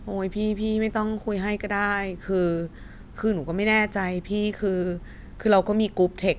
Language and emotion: Thai, frustrated